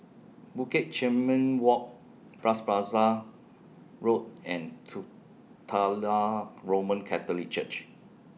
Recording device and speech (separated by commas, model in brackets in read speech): mobile phone (iPhone 6), read sentence